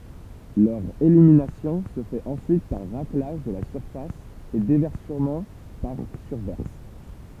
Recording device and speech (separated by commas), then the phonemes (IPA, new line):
temple vibration pickup, read sentence
lœʁ eliminasjɔ̃ sə fɛt ɑ̃syit paʁ ʁaklaʒ də la syʁfas e devɛʁsəmɑ̃ paʁ syʁvɛʁs